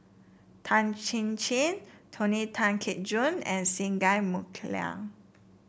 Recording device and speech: boundary microphone (BM630), read sentence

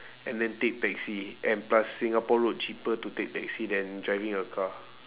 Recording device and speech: telephone, conversation in separate rooms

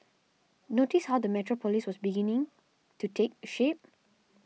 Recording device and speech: mobile phone (iPhone 6), read sentence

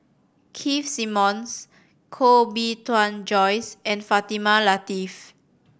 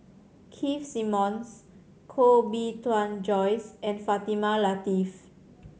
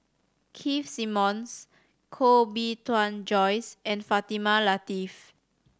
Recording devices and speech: boundary microphone (BM630), mobile phone (Samsung C7100), standing microphone (AKG C214), read sentence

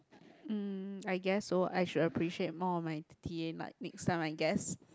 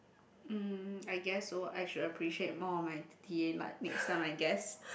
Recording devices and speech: close-talking microphone, boundary microphone, conversation in the same room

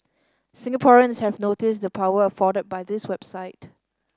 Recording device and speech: standing microphone (AKG C214), read sentence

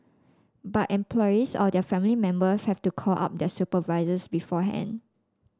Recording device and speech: standing microphone (AKG C214), read sentence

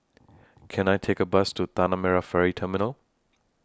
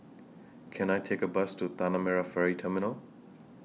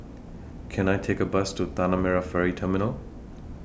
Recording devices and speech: standing microphone (AKG C214), mobile phone (iPhone 6), boundary microphone (BM630), read sentence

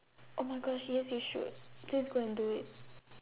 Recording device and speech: telephone, conversation in separate rooms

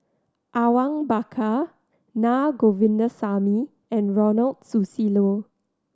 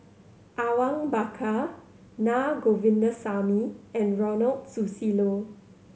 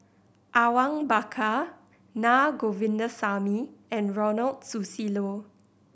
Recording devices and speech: standing microphone (AKG C214), mobile phone (Samsung C7100), boundary microphone (BM630), read sentence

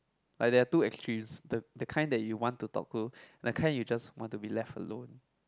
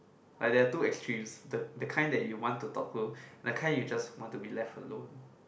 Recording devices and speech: close-talking microphone, boundary microphone, conversation in the same room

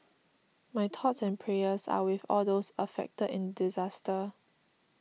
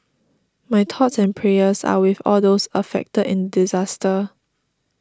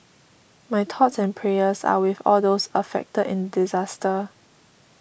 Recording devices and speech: mobile phone (iPhone 6), standing microphone (AKG C214), boundary microphone (BM630), read sentence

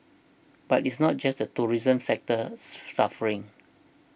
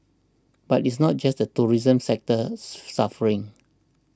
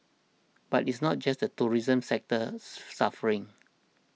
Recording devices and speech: boundary microphone (BM630), standing microphone (AKG C214), mobile phone (iPhone 6), read sentence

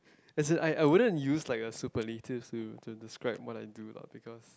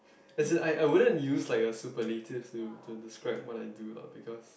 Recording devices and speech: close-talking microphone, boundary microphone, conversation in the same room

